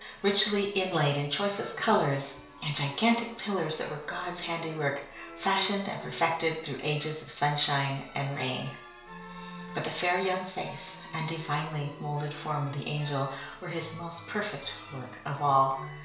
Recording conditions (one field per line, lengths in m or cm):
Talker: one person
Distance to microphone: 1.0 m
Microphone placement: close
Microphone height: 1.1 m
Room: small (3.7 m by 2.7 m)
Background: music